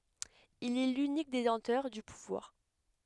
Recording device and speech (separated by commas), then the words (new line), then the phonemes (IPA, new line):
headset microphone, read sentence
Il est l'unique détenteur du pouvoir.
il ɛ lynik detɑ̃tœʁ dy puvwaʁ